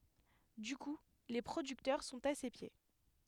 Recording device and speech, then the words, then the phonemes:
headset microphone, read sentence
Du coup, les producteurs sont à ses pieds.
dy ku le pʁodyktœʁ sɔ̃t a se pje

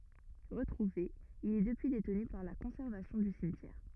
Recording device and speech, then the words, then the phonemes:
rigid in-ear microphone, read sentence
Retrouvé, il est depuis détenu par la conservation du cimetière.
ʁətʁuve il ɛ dəpyi detny paʁ la kɔ̃sɛʁvasjɔ̃ dy simtjɛʁ

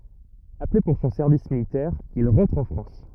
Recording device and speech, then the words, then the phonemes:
rigid in-ear microphone, read sentence
Appelé pour son service militaire, il rentre en France.
aple puʁ sɔ̃ sɛʁvis militɛʁ il ʁɑ̃tʁ ɑ̃ fʁɑ̃s

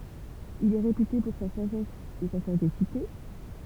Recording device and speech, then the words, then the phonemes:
temple vibration pickup, read sentence
Il est réputé pour sa sagesse et sa sagacité.
il ɛ ʁepyte puʁ sa saʒɛs e sa saɡasite

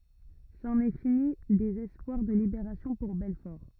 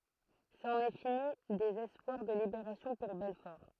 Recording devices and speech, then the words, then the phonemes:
rigid in-ear microphone, throat microphone, read sentence
C'en est fini des espoirs de libération pour Belfort.
sɑ̃n ɛ fini dez ɛspwaʁ də libeʁasjɔ̃ puʁ bɛlfɔʁ

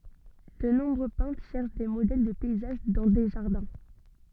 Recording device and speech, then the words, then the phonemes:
soft in-ear microphone, read sentence
De nombreux peintres cherchent des modèles de paysages dans des jardins.
də nɔ̃bʁø pɛ̃tʁ ʃɛʁʃ de modɛl də pɛizaʒ dɑ̃ de ʒaʁdɛ̃

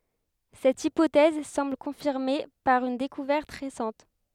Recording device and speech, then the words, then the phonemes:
headset microphone, read sentence
Cette hypothèse semble confirmée par une découverte récente.
sɛt ipotɛz sɑ̃bl kɔ̃fiʁme paʁ yn dekuvɛʁt ʁesɑ̃t

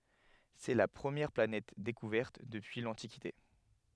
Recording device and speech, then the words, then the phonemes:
headset microphone, read sentence
C'est la première planète découverte depuis l'Antiquité.
sɛ la pʁəmjɛʁ planɛt dekuvɛʁt dəpyi lɑ̃tikite

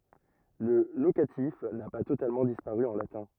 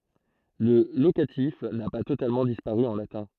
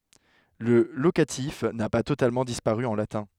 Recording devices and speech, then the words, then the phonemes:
rigid in-ear microphone, throat microphone, headset microphone, read sentence
Le locatif n'a pas totalement disparu en latin.
lə lokatif na pa totalmɑ̃ dispaʁy ɑ̃ latɛ̃

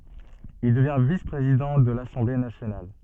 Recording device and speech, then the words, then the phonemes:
soft in-ear microphone, read sentence
Il devient vice-président de l'Assemblée nationale.
il dəvjɛ̃ vis pʁezidɑ̃ də lasɑ̃ble nasjonal

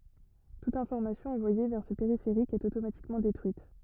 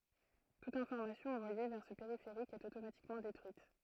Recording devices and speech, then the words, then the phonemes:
rigid in-ear microphone, throat microphone, read sentence
Toute information envoyée vers ce périphérique est automatiquement détruite.
tut ɛ̃fɔʁmasjɔ̃ ɑ̃vwaje vɛʁ sə peʁifeʁik ɛt otomatikmɑ̃ detʁyit

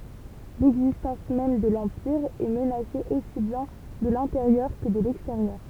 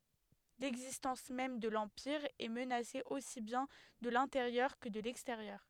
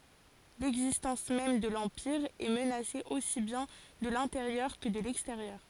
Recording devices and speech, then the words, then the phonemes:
temple vibration pickup, headset microphone, forehead accelerometer, read sentence
L'existence même de l'Empire est menacée aussi bien de l'intérieur que de l'extérieur.
lɛɡzistɑ̃s mɛm də lɑ̃piʁ ɛ mənase osi bjɛ̃ də lɛ̃teʁjœʁ kə də lɛksteʁjœʁ

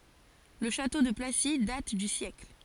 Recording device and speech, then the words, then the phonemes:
forehead accelerometer, read sentence
Le château de Placy date du siècle.
lə ʃato də plasi dat dy sjɛkl

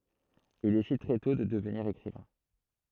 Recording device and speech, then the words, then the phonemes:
throat microphone, read sentence
Il décide très tôt de devenir écrivain.
il desid tʁɛ tɔ̃ də dəvniʁ ekʁivɛ̃

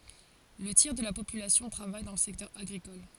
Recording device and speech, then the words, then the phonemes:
forehead accelerometer, read sentence
Le tiers de la population travaille dans le secteur agricole.
lə tjɛʁ də la popylasjɔ̃ tʁavaj dɑ̃ lə sɛktœʁ aɡʁikɔl

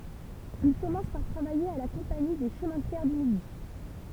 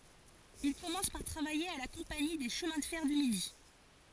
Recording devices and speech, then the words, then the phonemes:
temple vibration pickup, forehead accelerometer, read sentence
Il commence par travailler à la Compagnie des chemins de fer du Midi.
il kɔmɑ̃s paʁ tʁavaje a la kɔ̃pani de ʃəmɛ̃ də fɛʁ dy midi

